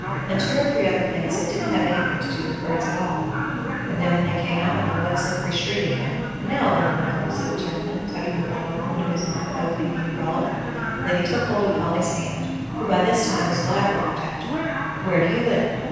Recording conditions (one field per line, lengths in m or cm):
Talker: one person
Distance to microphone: 7.1 m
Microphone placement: far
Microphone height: 1.7 m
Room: very reverberant, large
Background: television